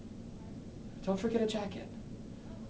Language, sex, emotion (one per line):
English
male
neutral